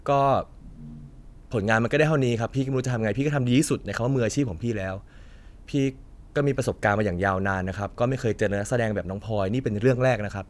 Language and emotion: Thai, frustrated